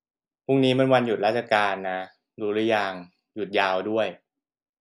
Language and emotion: Thai, frustrated